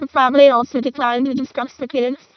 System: VC, vocoder